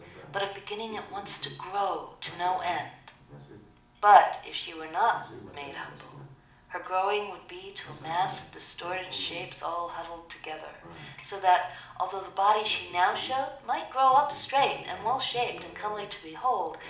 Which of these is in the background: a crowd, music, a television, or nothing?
A television.